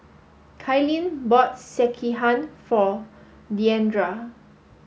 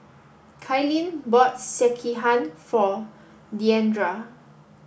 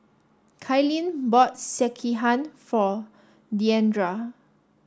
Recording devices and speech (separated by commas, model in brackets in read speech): mobile phone (Samsung S8), boundary microphone (BM630), standing microphone (AKG C214), read sentence